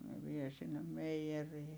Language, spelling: Finnish, ne vie sinne meijeriin
- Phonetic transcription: ne vie sinnem meiʲerii .

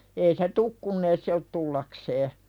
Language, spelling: Finnish, ei se tullut kun ei se ole tullakseen
- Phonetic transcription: ei se "tuk kunn ‿ei se ot 'tullaksee .

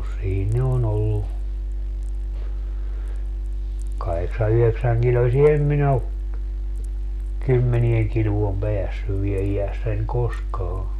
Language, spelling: Finnish, siinä ne on ollut kahdeksan yhdeksänkiloisia en minä ole kymmeneen kiloon päässyt vielä iässäni koskaan
- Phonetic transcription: 'siin ne on ‿ollu , 'kaheksa - 'yheksäŋkilosie - "em min ‿o , "kymmenieŋ 'kiluom "peässyv vie 'ijässäń 'koskaa .

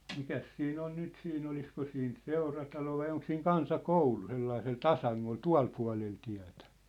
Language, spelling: Finnish, mikäs siinä on nyt siinä olisiko siinä seuratalo vai onko siinä kansakoulu sellaisella tasangolla tuolla puolella tietä
- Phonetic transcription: 'mikäs 'siin ‿on 'nyt siin ‿olisko siin "seuratalo vai 'oŋk siiŋ "kansa'koulu 'sellaisel "tasaŋŋol "tua̭l pua̭lel tiä̭tᴀ̈ .

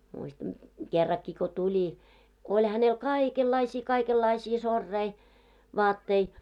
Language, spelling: Finnish, muistan kerrankin kun tuli kun oli hänellä kaikenlaisia kaikenlaisia soreita vaatteita
- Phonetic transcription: muistan , 'kerrakki ko 'tuĺi , ko 'oĺ hänel "káikellaisii 'kaikellaisii sorrei , 'vaattei .

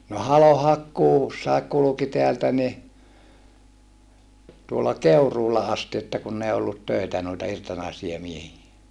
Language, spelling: Finnish, no halonhakkuussakin kulki täältä niin tuolla Keuruulla asti että kun ei ollut töitä noita irtonaisia miehiä
- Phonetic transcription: no halohakkuussaek kuluki teältä ni , tuolla Keuruula asti että kunn ‿ei ollut töitä nuita irtonaisia miehie .

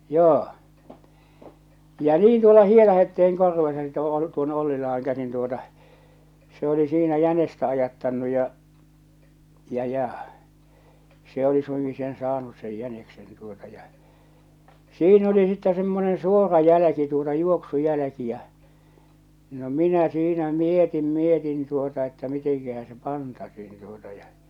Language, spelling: Finnish, ja niin tuolla Hietahetteen korvessa sitten - tuonne Ollilaan käsin tuota se oli siinä jänistä ajattanut ja ja ja se oli suinkin sen saanut sen jäniksen tuota ja siinä oli sitten semmoinen suora jälki tuota juoksujälki ja no minä siinä mietin mietin tuota että mitenkähän se pantaisiin tuota ja
- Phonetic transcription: ja 'niin tuola 'Hietahette₍eŋ korvesa (sitte ᴏl-) tuone 'Ollila₍aŋ käsin tuota , se oli siinä 'jänestä 'ajattannu ja , ja ja , se oli 'suiŋki sen 'saanus sej 'jäneksen tuota , ja , 'siin ‿oli sittɛ semmoneḛ 'suora 'jälä̆ki tuota 'juoksujälä̆ki jä͔ , no 'minä siinä 'mietim 'mietin tuota että 'miteŋkähä se "pantasiin tuota ja .

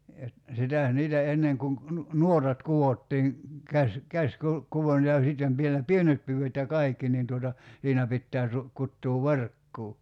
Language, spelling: Finnish, - sitä niitä ennen kun - - nuotat kudottiin - - käsikudontaa ja sitten vielä pienet pyydöt ja kaikki niin tuota siinä pitää - kutoa verkkoa
- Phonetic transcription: (jot-) , 'sitä̀ , 'niitä 'enneŋ kuŋ ‿k- , nu- , "nuotat 'kuwottiiŋ 'käs- , 'käskul- , ('-kuvontaa ja) 'sitten vielä "pienet 'pyyvöt ja "kai̬kki nin tuota , 'siinä pittää tu- , 'kuttuu "verkkuu .

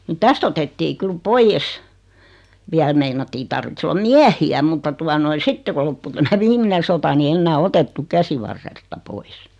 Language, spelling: Finnish, niin tästä otettiin kyllä pois vielä meinattiin tarvitsisi olla miehiä mutta tuota noin sitten kun loppui tämä viimeinen sota niin enää otettu käsivarresta pois
- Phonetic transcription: ni "täst ‿otettii 'kyl "poijés , 'viäl meinattii 'tarvits ‿ol(la) "miähi₍ä mutta 'tua noi "sitte ko loppu 'tämä "viimine sota ni 'ennää "otettu "käsivarresta 'pois .

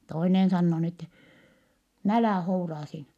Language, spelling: Finnish, toinen sanoo niin että no älä houraa siinä
- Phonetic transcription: toinen sannoo n ‿ettɛ , » n ‿älä̀ houraa siinä . »

